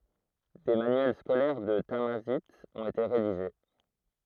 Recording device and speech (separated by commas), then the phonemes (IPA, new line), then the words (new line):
throat microphone, read sentence
de manyɛl skolɛʁ də tamazajt ɔ̃t ete ʁediʒe
Des manuels scolaires de tamazight ont été rédigés.